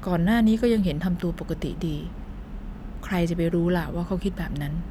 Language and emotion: Thai, neutral